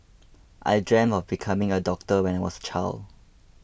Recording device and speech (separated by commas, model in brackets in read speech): boundary microphone (BM630), read sentence